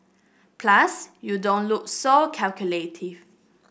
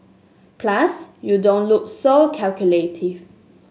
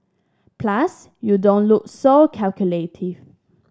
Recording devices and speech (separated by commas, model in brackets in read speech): boundary microphone (BM630), mobile phone (Samsung S8), standing microphone (AKG C214), read sentence